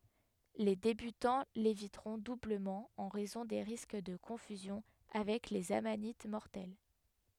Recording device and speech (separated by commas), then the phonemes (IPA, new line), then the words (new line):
headset microphone, read sentence
le debytɑ̃ levitʁɔ̃ dubləmɑ̃ ɑ̃ ʁɛzɔ̃ de ʁisk də kɔ̃fyzjɔ̃ avɛk lez amanit mɔʁtɛl
Les débutants l'éviteront doublement en raison des risques de confusion avec les amanites mortelles.